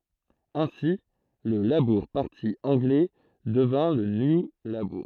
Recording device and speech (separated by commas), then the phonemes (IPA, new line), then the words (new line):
throat microphone, read sentence
ɛ̃si lə labuʁ paʁti ɑ̃ɡlɛ dəvjɛ̃ lə nju labuʁ
Ainsi, le Labour Party anglais devient le New Labour.